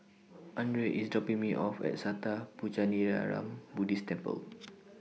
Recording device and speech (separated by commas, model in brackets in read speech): mobile phone (iPhone 6), read sentence